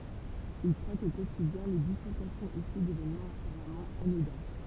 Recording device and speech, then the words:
temple vibration pickup, read sentence
Il traque au quotidien les bifurcations issues d'événements apparemment anodins.

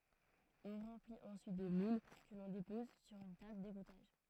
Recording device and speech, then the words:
throat microphone, read sentence
On remplit ensuite des moules que l'on dépose sur une table d'égouttage.

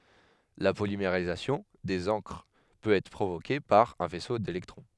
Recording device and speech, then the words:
headset microphone, read sentence
La polymérisation des encres peut être provoquée par un faisceau d'électrons.

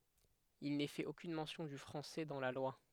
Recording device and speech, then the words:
headset microphone, read sentence
Il n'est fait aucune mention du français dans la loi.

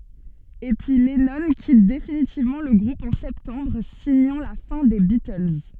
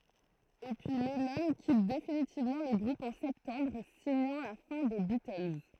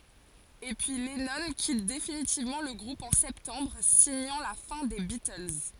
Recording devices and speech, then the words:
soft in-ear microphone, throat microphone, forehead accelerometer, read sentence
Et puis, Lennon quitte définitivement le groupe en septembre, signant la fin des Beatles.

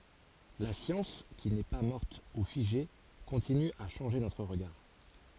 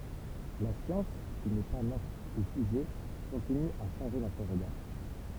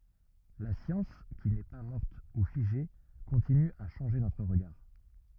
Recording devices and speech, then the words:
forehead accelerometer, temple vibration pickup, rigid in-ear microphone, read sentence
La science qui n'est pas morte ou figée continue à changer notre regard.

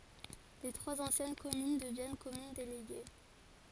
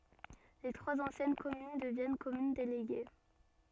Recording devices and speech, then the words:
forehead accelerometer, soft in-ear microphone, read sentence
Les trois anciennes communes deviennent communes déléguées.

